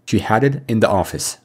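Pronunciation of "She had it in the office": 'She had it in the office' is said with linked pronunciation in connected speech. The words connect to one another instead of being said separately.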